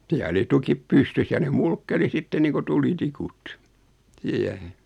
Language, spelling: Finnish, siellä oli tukit pystyssä ja ne mulkkeli sitten niin kuin tulitikut siihen
- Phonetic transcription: 'siä oli 'tukip "pystys ja ne 'mulkke(r)i 'sitte niiku 'tuli'tikut , 'siähe .

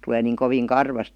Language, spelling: Finnish, tulee niin kovin karvasta
- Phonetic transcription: tulee niiŋ koviin "karvast .

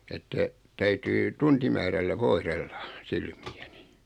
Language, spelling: Finnish, että täytyy tuntimäärällä voidella silmiäni
- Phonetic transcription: että , 'täytyy , 'tuntimäärällä "voihrellᴀ , "silmi₍äni .

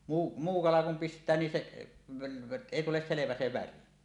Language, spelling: Finnish, muu muu kala kun pistää niin se ei tule selvä se väri
- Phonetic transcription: muu , 'muu 'kala kum "pist̀ää nin 'se , 'èi tules 'selevä se väri .

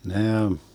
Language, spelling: Finnish, ne
- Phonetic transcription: 'nee ,.

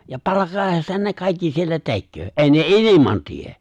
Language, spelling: Finnish, ja palkan edestähän ne kaikki siellä tekee ei ne ilman tee
- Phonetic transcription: ja 'palaka '’eestähän ne 'kàikki siellä 'tekköö , ''’è̬i 'ne ''’iliman ''tie !

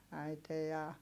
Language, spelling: Finnish, äiti ja
- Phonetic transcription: äite ja ,.

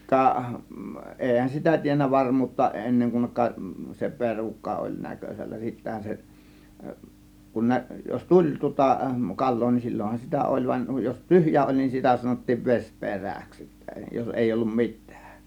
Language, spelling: Finnish, ka eihän sitä tiennyt varmuutta ennen kuin se perukka oli näkösällä sittenhän se kun - jos tuli tuota kalaa niin silloinhan sitä oli vaan jos tyhjä oli niin sitä sanottiin - vesiperäksi sitten jos ei ollut mitään
- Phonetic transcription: 'kaˀ , 'èihän sitä tiennä 'varm̀uutta 'enneŋ kun(nek)ka , se 'perukka oĺ 'näkös͕ällä 'sittähä se , kun 'nä- , jos "tuĺ tŭŏta "kal̆loo nin 'sil͕l͕onhan sitä 'ˀoĺ van , jos "tyhjä 'oĺ nin sitä sanottiiv 'ves "pe̬rä̀ks sittä jos 'èi 'ollum "mit̆tÄÄk .

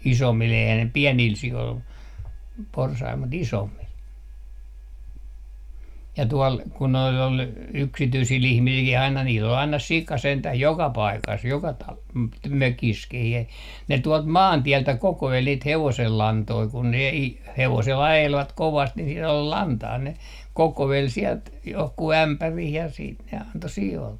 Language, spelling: Finnish, isommille eihän ne pienille sioille porsaille mutta isommille ja tuolla kun noilla oli yksityisillä ihmisilläkin aina niillä oli aina sika sentään joka paikassa joka - - mökissäkin - ne tuolta maantieltä kokoili niitä hevosenlantoja kun ne - hevosella ajelivat kovasti niin siellä oli lantaa ne kokoili sieltä johonkin ämpäriin ja sitten ne antoi sioille
- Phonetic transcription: "isommil eihä ne "piɛniil "si₍oil , 'porsail mut 'isommil ja tuɔl kun̆ noil ‿ol , 'yksityisi'l ‿ihmisilkih aina niil ‿ol 'aina "sika 'sentäh "joka paikas joka ta- , "mökis - kih ‿e- , ne 'tuɔlt "maantiɛltä 'koko₍el niit "hevosellantoi kun ne i- , 'hevosel 'ajelvat 'kovast ni siel ‿ol "lantaa ne , 'kokovel 'siɛlt , 'johku "ämpärih ja siit ne anto 'si₍oolle .

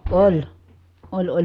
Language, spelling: Finnish, oli oli oli
- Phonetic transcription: oĺ , oĺ oĺ .

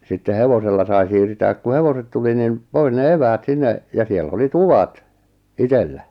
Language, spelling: Finnish, sitten hevosella sai siirtää kun hevoset tuli niin pois ne eväät sinne ja siellä oli tuvat itsellä
- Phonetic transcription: sitte 'hevosella sai 'siirtääk ku 'hevoset tuli nim , 'pois ne "eväät 'sinne , ja 'siellᵃ̈ 'oli "tuvat , "itellä .

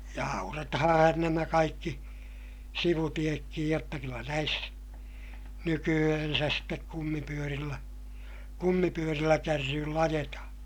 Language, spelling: Finnish, ja aurataan nämä kaikki sivutietkin jotta kyllä näissä nykyään sitten kumipyörillä kumipyörillä kärryillä ajetaan
- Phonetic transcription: ja auratahaa̰han nämä kaikki , sivutiekkij jotta kyllä näis , nyky₍ähänsäs stek kummipyörillä , kummipyörillä kärryyll ‿ajetahaa̰ .

